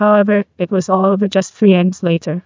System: TTS, neural waveform model